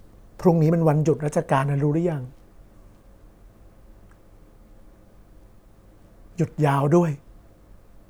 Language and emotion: Thai, sad